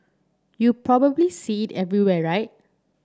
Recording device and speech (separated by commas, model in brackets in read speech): standing microphone (AKG C214), read sentence